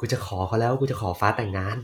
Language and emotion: Thai, happy